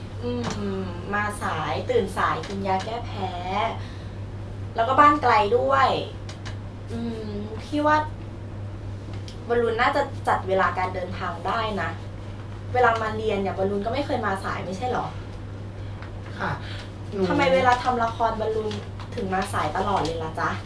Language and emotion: Thai, frustrated